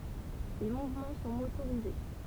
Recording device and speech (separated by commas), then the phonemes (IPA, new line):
temple vibration pickup, read sentence
le muvmɑ̃ sɔ̃ motoʁize